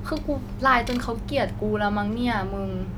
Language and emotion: Thai, frustrated